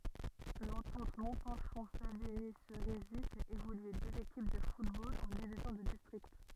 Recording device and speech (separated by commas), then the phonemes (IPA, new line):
rigid in-ear microphone, read sentence
lɑ̃tɑ̃t mɔ̃pɛ̃ʃɔ̃ saviɲi seʁizi fɛt evolye døz ekip də futbol ɑ̃ divizjɔ̃ də distʁikt